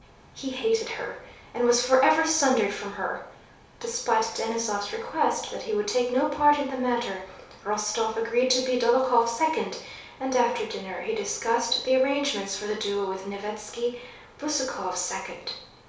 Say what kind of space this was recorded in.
A small space (about 3.7 m by 2.7 m).